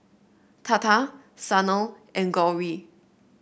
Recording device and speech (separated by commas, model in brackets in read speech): boundary microphone (BM630), read sentence